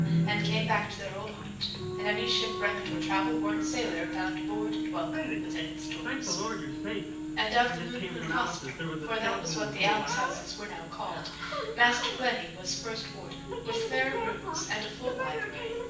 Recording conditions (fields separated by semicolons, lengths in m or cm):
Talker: one person; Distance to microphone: 9.8 m; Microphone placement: far; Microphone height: 1.8 m; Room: large; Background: television